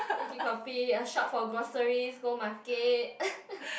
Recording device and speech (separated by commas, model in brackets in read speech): boundary microphone, conversation in the same room